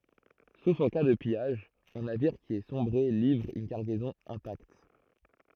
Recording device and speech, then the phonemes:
throat microphone, read sentence
sof ɑ̃ ka də pijaʒ œ̃ naviʁ ki a sɔ̃bʁe livʁ yn kaʁɡɛzɔ̃ ɛ̃takt

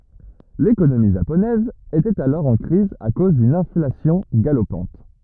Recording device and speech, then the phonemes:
rigid in-ear microphone, read sentence
lekonomi ʒaponɛz etɛt alɔʁ ɑ̃ kʁiz a koz dyn ɛ̃flasjɔ̃ ɡalopɑ̃t

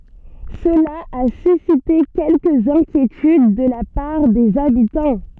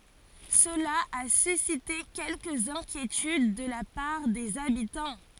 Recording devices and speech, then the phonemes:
soft in-ear microphone, forehead accelerometer, read sentence
səla a sysite kɛlkəz ɛ̃kjetyd də la paʁ dez abitɑ̃

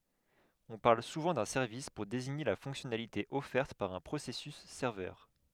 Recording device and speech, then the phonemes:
headset microphone, read sentence
ɔ̃ paʁl suvɑ̃ dœ̃ sɛʁvis puʁ deziɲe la fɔ̃ksjɔnalite ɔfɛʁt paʁ œ̃ pʁosɛsys sɛʁvœʁ

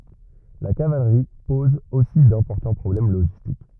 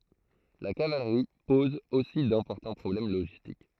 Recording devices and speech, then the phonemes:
rigid in-ear microphone, throat microphone, read sentence
la kavalʁi pɔz osi dɛ̃pɔʁtɑ̃ pʁɔblɛm loʒistik

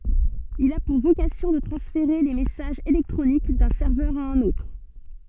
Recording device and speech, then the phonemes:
soft in-ear microphone, read sentence
il a puʁ vokasjɔ̃ də tʁɑ̃sfeʁe le mɛsaʒz elɛktʁonik dœ̃ sɛʁvœʁ a œ̃n otʁ

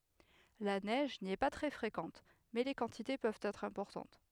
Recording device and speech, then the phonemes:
headset microphone, read sentence
la nɛʒ ni ɛ pa tʁɛ fʁekɑ̃t mɛ le kɑ̃tite pøvt ɛtʁ ɛ̃pɔʁtɑ̃t

